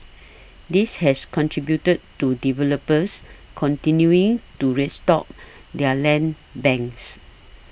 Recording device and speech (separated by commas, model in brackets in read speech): boundary microphone (BM630), read sentence